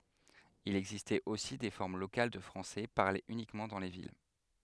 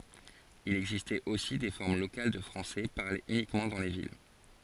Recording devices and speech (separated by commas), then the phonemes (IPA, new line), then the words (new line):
headset microphone, forehead accelerometer, read sentence
il ɛɡzistɛt osi de fɔʁm lokal də fʁɑ̃sɛ paʁlez ynikmɑ̃ dɑ̃ le vil
Il existait aussi des formes locales de français parlées uniquement dans les villes.